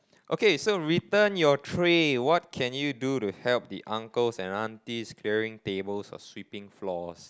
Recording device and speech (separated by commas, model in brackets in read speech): close-talking microphone, conversation in the same room